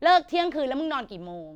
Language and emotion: Thai, angry